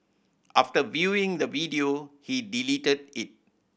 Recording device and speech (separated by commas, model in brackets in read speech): boundary microphone (BM630), read sentence